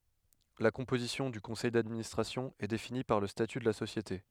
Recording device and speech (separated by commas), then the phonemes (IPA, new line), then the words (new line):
headset microphone, read sentence
la kɔ̃pozisjɔ̃ dy kɔ̃sɛj dadministʁasjɔ̃ ɛ defini paʁ lə staty də la sosjete
La composition du conseil d'administration est définie par le statut de la société.